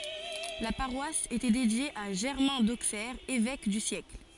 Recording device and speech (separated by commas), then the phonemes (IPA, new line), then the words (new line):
forehead accelerometer, read sentence
la paʁwas etɛ dedje a ʒɛʁmɛ̃ doksɛʁ evɛk dy sjɛkl
La paroisse était dédiée à Germain d'Auxerre, évêque du siècle.